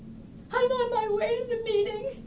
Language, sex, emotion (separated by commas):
English, female, sad